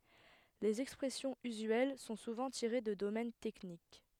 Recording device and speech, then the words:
headset microphone, read sentence
Les expressions usuelles sont souvent tirées de domaines techniques.

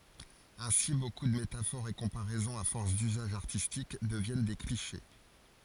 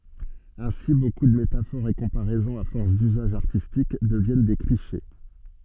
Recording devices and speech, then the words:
forehead accelerometer, soft in-ear microphone, read sentence
Ainsi, beaucoup de métaphores et comparaisons à force d'usage artistique deviennent des clichés.

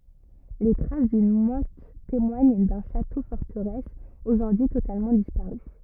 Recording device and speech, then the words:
rigid in-ear microphone, read sentence
Les traces d'une motte témoignent d'un château-forteresse aujourd'hui totalement disparu.

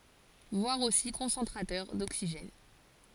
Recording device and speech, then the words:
forehead accelerometer, read sentence
Voir aussi Concentrateur d'oxygène.

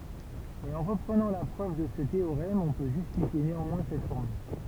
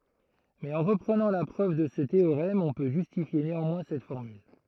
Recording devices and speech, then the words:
temple vibration pickup, throat microphone, read sentence
Mais en reprenant la preuve de ce théorème on peut justifier néanmoins cette formule.

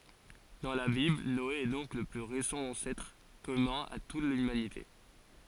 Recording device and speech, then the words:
forehead accelerometer, read sentence
Dans la Bible, Noé est donc le plus récent ancêtre commun à toute l'humanité.

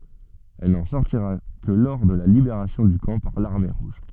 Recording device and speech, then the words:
soft in-ear microphone, read sentence
Elle n'en sortira que le lors de la libération du camp par l'Armée rouge.

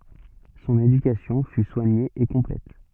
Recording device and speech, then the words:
soft in-ear microphone, read sentence
Son éducation fut soignée et complète.

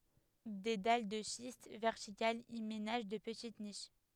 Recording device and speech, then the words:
headset microphone, read sentence
Des dalles de schiste verticales y ménagent de petites niches.

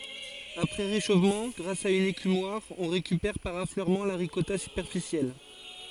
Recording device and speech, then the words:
forehead accelerometer, read sentence
Après réchauffement, grâce à une écumoire, on récupère par affleurement la ricotta superficielle.

